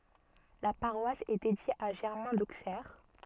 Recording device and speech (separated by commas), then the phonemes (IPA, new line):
soft in-ear microphone, read sentence
la paʁwas ɛ dedje a ʒɛʁmɛ̃ doksɛʁ